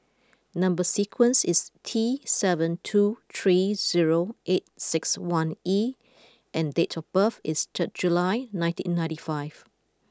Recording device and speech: close-talking microphone (WH20), read sentence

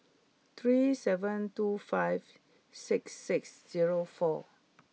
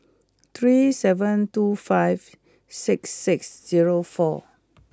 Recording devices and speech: mobile phone (iPhone 6), close-talking microphone (WH20), read sentence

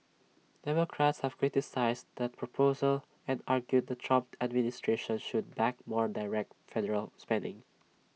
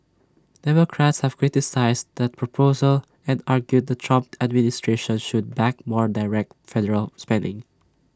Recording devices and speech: mobile phone (iPhone 6), standing microphone (AKG C214), read sentence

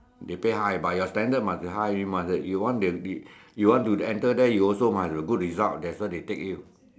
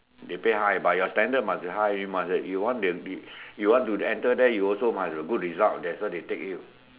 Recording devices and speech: standing microphone, telephone, conversation in separate rooms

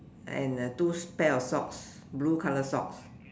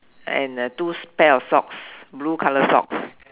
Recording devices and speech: standing microphone, telephone, conversation in separate rooms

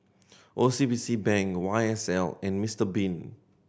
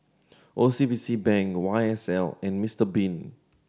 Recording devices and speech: boundary microphone (BM630), standing microphone (AKG C214), read sentence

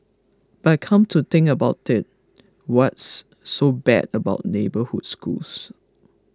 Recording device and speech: close-talking microphone (WH20), read sentence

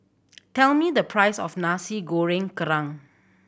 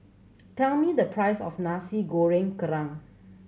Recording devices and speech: boundary microphone (BM630), mobile phone (Samsung C7100), read sentence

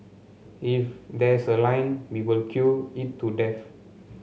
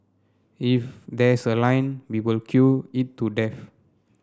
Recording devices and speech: mobile phone (Samsung C7), standing microphone (AKG C214), read sentence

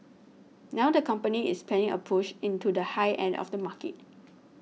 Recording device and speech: mobile phone (iPhone 6), read sentence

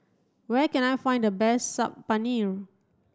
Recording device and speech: standing microphone (AKG C214), read sentence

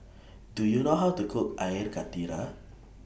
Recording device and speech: boundary microphone (BM630), read sentence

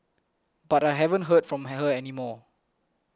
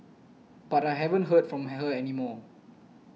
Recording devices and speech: close-talking microphone (WH20), mobile phone (iPhone 6), read sentence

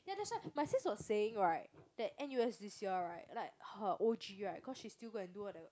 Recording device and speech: close-talking microphone, conversation in the same room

